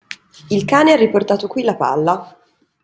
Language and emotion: Italian, neutral